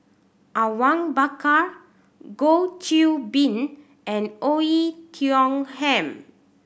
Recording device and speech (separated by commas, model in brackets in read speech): boundary microphone (BM630), read sentence